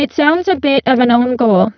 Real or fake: fake